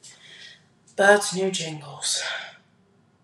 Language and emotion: English, disgusted